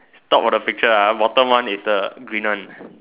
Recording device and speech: telephone, conversation in separate rooms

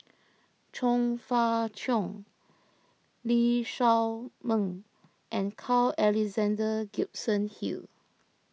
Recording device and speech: mobile phone (iPhone 6), read sentence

